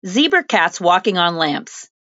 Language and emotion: English, fearful